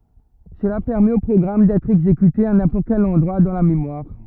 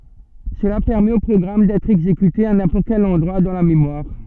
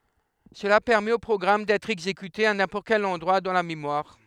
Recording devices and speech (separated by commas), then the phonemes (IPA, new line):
rigid in-ear microphone, soft in-ear microphone, headset microphone, read sentence
səla pɛʁmɛt o pʁɔɡʁam dɛtʁ ɛɡzekyte a nɛ̃pɔʁt kɛl ɑ̃dʁwa dɑ̃ la memwaʁ